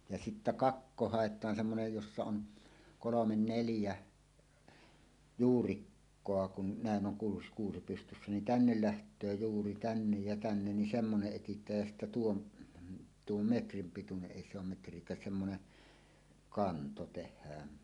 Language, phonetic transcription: Finnish, ja sittä "kakko hàet̀aan semmonej 'jossa "on , 'kolomen neljä , "juurikkoa kun nä̀en ’oŋ kuus- 'kuusi pystyssä nin "tännel 'läht̀öö 'juuri "tännej ja "tännen nin 'semmoneˀ 'ˀetit̀ääj jä sittä 'tuon , 'tuom "metrim pituneˀ 'ˀèi se ‿om 'metr̀iek̀ääs semmone , "kanto 'teh̆hään .
- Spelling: ja sitten kakko haetaan semmoinen jossa on kolme neljä juurikkoa kun näin on - kuusi pystyssä niin tänne lähtee juuri tänne ja tänne niin semmoinen etsitään ja sitten tuon tuon metrin pituinen ei se on metriäkään semmoinen kanto tehdään

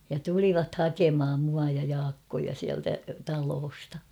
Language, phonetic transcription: Finnish, ja 'tulivat "hakemʰam mua ja 'Jaakkoja siältä 'taloosta .
- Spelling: ja tulivat hakemaan minua ja Jaakkoa sieltä talosta

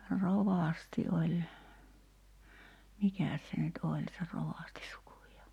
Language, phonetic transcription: Finnish, "rovasti oĺ , 'mikä̀s se nyt "oĺ se 'rovàsti sukujaa ?
- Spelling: rovasti oli mikäs se nyt oli se rovasti sukujaan

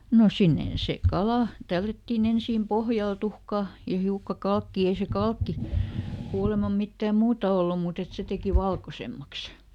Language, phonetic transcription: Finnish, ˈno ˈsinnen sè "kalà , ˈtällättiiˈn ‿ensiim "pohjal ˈtuhkà , ja ˈhiukka ˈkalkkii ˈei se "kalkki , ˈkuulemam ˈmittääm "muuta ˈollum mùt ‿et ˈse teki "valkosemmaks .
- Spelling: no sinne se kala tällättiin ensin pohjalle tuhkaa ja hiukan kalkkia ei se kalkki kuulemma mitään muuta ollut mutta että se teki valkoisemmaksi

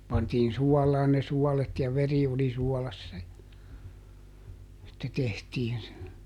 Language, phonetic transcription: Finnish, pantiin ˈsuɔlaan ne ˈsuɔlet ja ˈveri oli ˈsuɔlassa ja , (sitte) ˈtehtiin se .
- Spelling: pantiin suolaan ne suolet ja veri oli suolassa ja sitten tehtiin se

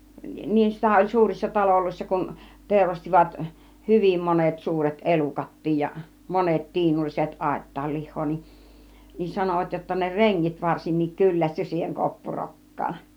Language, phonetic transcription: Finnish, 'niissä oĺ "suurissa 'taloloissa kun , 'tèurastivat , "hyvim 'monet 'suuret 'elukat̀tiij ja , 'monet 'tiinulliset 'àit̀taal "lih̆hoo ni , nin 'sanovat jotta ne "reŋŋit 'varsinnik 'kyllästy siiheŋ 'koppurok̀kaan .
- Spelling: niissä oli suurissa taloissa kun teurastivat hyvin monet suuret elukatkin ja monet tiinulliset aittaan lihaa niin niin sanoivat jotta ne rengit varsinkin kyllästyi siihen koppurokkaan

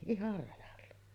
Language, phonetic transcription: Finnish, 'ihar rajalla .
- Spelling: ihan rajalla

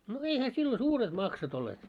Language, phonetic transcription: Finnish, no 'eihä sillo "suuret 'maksot ‿olleet .
- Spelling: no eihän silloin suuret maksut olleet

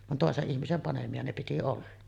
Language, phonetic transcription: Finnish, van 'tòeseˀ ˀihmisem panemi₍a ne piti 'olla .
- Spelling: vaan toisen ihmisen panemia ne piti olla

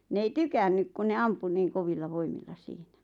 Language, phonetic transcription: Finnish, n ‿ei "tykännyk ku ne 'ampu niiŋ 'kovilla 'voimilla 'siinä .
- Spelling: ne ei tykännyt kun ne ampui niin kovilla voimilla siinä

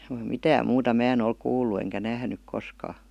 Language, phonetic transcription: Finnish, (- -) "mitääm muuta 'mää en ‿ol 'kuullu eŋkä 'nähnyk 'koskaa .
- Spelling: - mitään muuta minä en ole kuullut enkä nähnyt koskaan

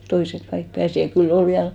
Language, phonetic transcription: Finnish, 'toisek kaik 'pääsi ja 'kyl'l ‿ol 'viäl ,.
- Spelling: toiset kaikki pääsi ja kyllä oli vielä

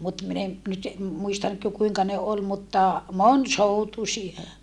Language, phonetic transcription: Finnish, mut min ‿en , nyt , muista nyt(kö) kuiŋka ne ol mutta , monsoutusie .
- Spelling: mutta minä en nyt muista nytkö kuinka ne oli mutta monisoutuisia

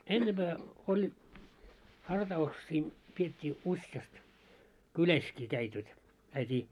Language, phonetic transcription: Finnish, 'ennemʙää oĺ , harta₍uksii , piet́t́ii 'usjast , "kyläskii käit jot , käitii .
- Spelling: ennempää oli hartauksia pidettiin useasti kylässäkin kävivät jotta käytiin

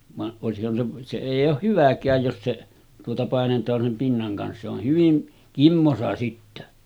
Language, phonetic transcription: Finnish, va’ ’òesihhan se , se 'èij̆j ‿ooh "hyväk̀ääj jos se tuota 'pàenet̀aan sem pinnaŋ kans se ‿oh 'hyvin , 'kimmosa sittä .
- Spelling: vaan olisihan se se ei ole hyväkään jos se tuota painetaan sen pinnan kanssa se on hyvin kimmoisa sitten

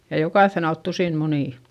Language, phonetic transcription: Finnish, ja jokàϑϑen ‿alt tusìn munì .
- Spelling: ja jokaisen alta tusina munia

